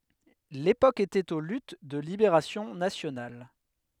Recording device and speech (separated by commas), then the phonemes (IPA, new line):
headset microphone, read sentence
lepok etɛt o lyt də libeʁasjɔ̃ nasjonal